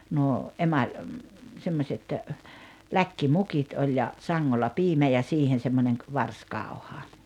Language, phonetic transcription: Finnish, nuo , "’emaĺ , 'semmośet , "läkki'mukit oĺ ja , 'saŋŋolla 'piimä ja 'siihen̬ semmońeŋ ‿k- , "varskàu̬ha .
- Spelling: nuo emali semmoiset läkkimukit oli ja sangolla piimä ja siihen semmoinen - varsikauha

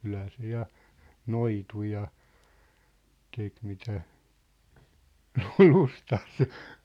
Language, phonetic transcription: Finnish, 'kylhä 'se ja , "noitu ja , 'tek mitä , "lu- "lustas .
- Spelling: kyllähän se ja noitui ja teki mitä - lystäsi

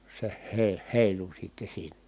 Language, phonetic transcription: Finnish, se heⁱ- , hèilu sitte siinä .
- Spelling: se - heilui sitten siinä

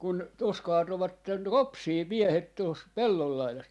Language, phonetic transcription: Finnish, kun , 'tuos 'kaatovatten "ropsii 'miehet tuos , 'pellol 'lailas .
- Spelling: kun tuossa kaatoivat ropsia miehet tuossa pellon laidassa

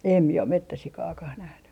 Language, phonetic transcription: Finnish, 'em mie om "mettäsikaakah nähny .
- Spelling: en minä ole metsäsikaakaan nähnyt

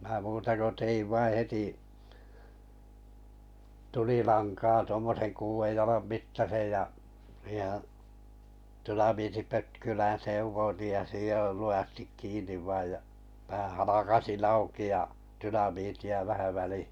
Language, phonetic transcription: Finnish, mää 'muuta ko 'teiv 'vai 'heti , 'tulilankaa tŭommosen 'kuuvej jalam 'mittasej ja , siihᴇhᴀ̈ , 'tynamiiti'pötkylän 'sev̀oⁱtij ja 'sijoil 'luʲastik 'kiin̆niv 'vaij ja , päᵃ̈ 'halakasin 'auki ja , 'tynamiti₍a vähä välihɪ .
- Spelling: minä muuta kuin tein vain heti tulilankaa tuommoisen kuuden jalan mittaisen ja siihenhän dynamiittipötkylän sekoitin ja sidoin lujasti kiinni vain ja pään halkaisin auki ja dynamiittia vähän väliin

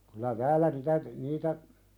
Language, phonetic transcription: Finnish, kylä "täälä nitä t- , 'niitä ,.
- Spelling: kyllä täällä niitä - niitä

